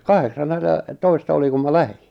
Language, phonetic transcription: Finnish, 'kaheksannella- , -'toista 'oliŋ kum ma "lähi .
- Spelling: - kahdeksannellatoista olin kun minä lähdin

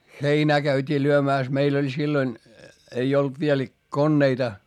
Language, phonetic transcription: Finnish, χeinää käyt́ii lyömä̀s - meil ‿oĺ silloń , ei olt viel konneita .
- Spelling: heinää käytiin lyömässä meillä oli silloin ei ollut vielä koneita

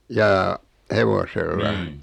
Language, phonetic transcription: Finnish, 'jaa , "hevosella ?
- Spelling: jaa hevosella

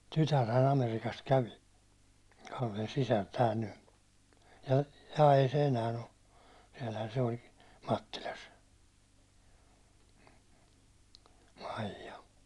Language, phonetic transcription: Finnish, 'tytärhä'n ‿Amerikast 'kävi , Kallen 'sisär 'tääl ny , ja ei se 'enään̬ ‿o , siɛlhän se oĺ , 'Mattilas , 'Maijja .
- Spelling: tytärhän Amerikasta kävi Kallen sisar täällä nyt ja ei se enää ole siellähän se oli Mattilassa Maija

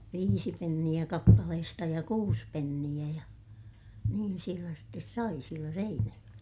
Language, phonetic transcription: Finnish, viisi penniʲä kappalehesta ja kuus penniʲä ja , niin sielä stes sai sielä Seinäjoʲella .
- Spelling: viisi penniä kappaleesta ja kuusi penniä ja niin siellä sitten sai siellä Seinäjoella

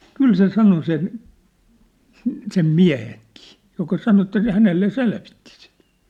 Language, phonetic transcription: Finnish, 'kyl se 'sano sen , sᵉ- sem "miä̭heŋkɪɪ , joka 'sano että sĕ 'hänelle "selvittɪ sɪt .
- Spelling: kyllä se sanoi sen - sen miehenkin joka sanoi että se hänelle selvitti sitä

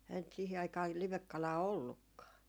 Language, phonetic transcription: Finnish, änt sihi aikaa 'livekkalaa "ollukkaa .
- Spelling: eihän nyt siihen aikaan livekalaa ollutkaan

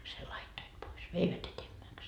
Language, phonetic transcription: Finnish, sel 'laittoit pois , "veivät etemmäks .
- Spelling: sen laittoivat pois veivät etemmäksi

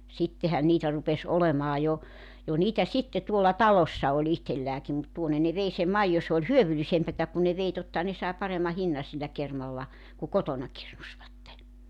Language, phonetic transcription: Finnish, 'sittehän niitä rupes 'olemaa jo , 'ja niitä 'sitte tuolla "talossa o'ĺ ‿ihtellääki mut 'tuonne ne 'vei sem 'maijo se ‿ol "hyövylisempätä kun ne 'vei 'tottaha ne sàe 'paremma 'hinna sillä 'kermalla , ku "kotona 'kirnusvatte .
- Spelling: sittenhän niitä rupesi olemaan jo ja niitä sitten tuolla talossa oli itselläänkin mutta tuonne ne vei sen maidon se oli hyödyllisempää kun ne vei tottahan ne sai paremman hinnan sillä kermalla kun kotona kirnusivat

